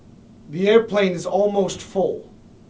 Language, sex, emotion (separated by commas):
English, male, neutral